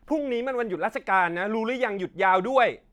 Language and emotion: Thai, angry